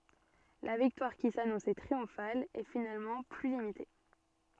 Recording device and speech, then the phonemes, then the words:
soft in-ear microphone, read sentence
la viktwaʁ ki sanɔ̃sɛ tʁiɔ̃fal ɛ finalmɑ̃ ply limite
La victoire qui s'annonçait triomphale est finalement plus limitée.

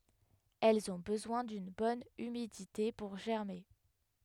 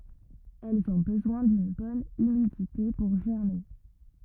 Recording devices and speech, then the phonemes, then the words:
headset microphone, rigid in-ear microphone, read sentence
ɛlz ɔ̃ bəzwɛ̃ dyn bɔn ymidite puʁ ʒɛʁme
Elles ont besoin d'une bonne humidité pour germer.

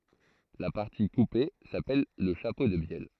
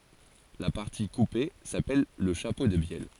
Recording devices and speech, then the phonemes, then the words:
throat microphone, forehead accelerometer, read sentence
la paʁti kupe sapɛl lə ʃapo də bjɛl
La partie coupée s'appelle le chapeau de bielle.

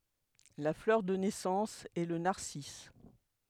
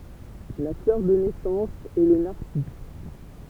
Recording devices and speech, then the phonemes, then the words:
headset microphone, temple vibration pickup, read sentence
la flœʁ də nɛsɑ̃s ɛ lə naʁsis
La fleur de naissance est le narcisse.

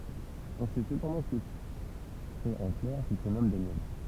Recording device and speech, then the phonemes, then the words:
temple vibration pickup, read sentence
ɔ̃ sɛ səpɑ̃dɑ̃ kə sɛt œ̃ klɛʁ ki sə nɔm danjɛl
On sait cependant que c'est un clerc qui se nomme Daniel.

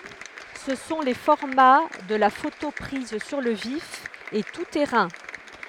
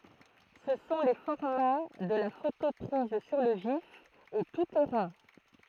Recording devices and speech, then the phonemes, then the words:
headset microphone, throat microphone, read sentence
sə sɔ̃ le fɔʁma də la foto pʁiz syʁ lə vif e tu tɛʁɛ̃
Ce sont les formats de la photo prise sur le vif et tout-terrain.

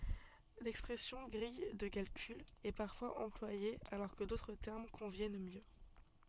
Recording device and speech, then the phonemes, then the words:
soft in-ear microphone, read sentence
lɛkspʁɛsjɔ̃ ɡʁij də kalkyl ɛ paʁfwaz ɑ̃plwaje alɔʁ kə dotʁ tɛʁm kɔ̃vjɛn mjø
L'expression grille de calcul est parfois employée alors que d'autres termes conviennent mieux.

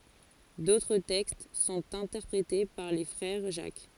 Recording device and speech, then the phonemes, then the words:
forehead accelerometer, read sentence
dotʁ tɛkst sɔ̃t ɛ̃tɛʁpʁete paʁ le fʁɛʁ ʒak
D’autres textes sont interprétés par les Frères Jacques.

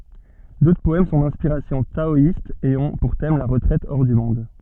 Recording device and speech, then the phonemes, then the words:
soft in-ear microphone, read sentence
dotʁ pɔɛm sɔ̃ dɛ̃spiʁasjɔ̃ taɔist e ɔ̃ puʁ tɛm la ʁətʁɛt ɔʁ dy mɔ̃d
D'autres poèmes sont d'inspiration taoïste et ont pour thème la retraite hors du monde.

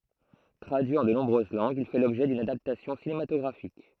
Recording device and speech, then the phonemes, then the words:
throat microphone, read sentence
tʁadyi ɑ̃ də nɔ̃bʁøz lɑ̃ɡz il fɛ lɔbʒɛ dyn adaptasjɔ̃ sinematɔɡʁafik
Traduit en de nombreuses langues, il fait l'objet d'une adaptation cinématographique.

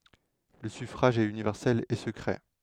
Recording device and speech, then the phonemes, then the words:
headset microphone, read sentence
lə syfʁaʒ ɛt ynivɛʁsɛl e səkʁɛ
Le suffrage est universel et secret.

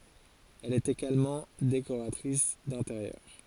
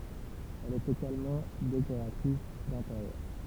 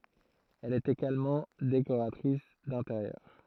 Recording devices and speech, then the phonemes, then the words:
forehead accelerometer, temple vibration pickup, throat microphone, read sentence
ɛl ɛt eɡalmɑ̃ dekoʁatʁis dɛ̃teʁjœʁ
Elle est également décoratrice d'intérieur.

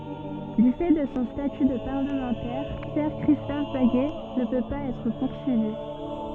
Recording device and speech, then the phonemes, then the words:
soft in-ear microphone, read sentence
dy fɛ də sɔ̃ staty də paʁləmɑ̃tɛʁ pjɛʁ kʁistɔf baɡɛ nə pø paz ɛtʁ puʁsyivi
Du fait de son statut de parlementaire, Pierre-Christophe Baguet ne peut pas être poursuivi.

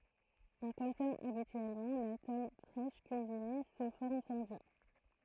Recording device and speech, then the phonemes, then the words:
throat microphone, read sentence
ɔ̃ kɔ̃sɔm abityɛlmɑ̃ la tɔm fʁɛʃ kyizine su fɔʁm fɔ̃dy
On consomme habituellement la tome fraîche cuisinée sous forme fondue.

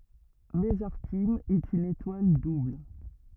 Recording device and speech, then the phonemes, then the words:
rigid in-ear microphone, read sentence
məzaʁtim ɛt yn etwal dubl
Mesarthim est une étoile double.

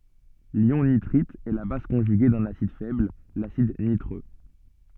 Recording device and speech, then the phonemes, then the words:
soft in-ear microphone, read sentence
ljɔ̃ nitʁit ɛ la baz kɔ̃ʒyɡe dœ̃n asid fɛbl lasid nitʁø
L'ion nitrite est la base conjuguée d'un acide faible, l'acide nitreux.

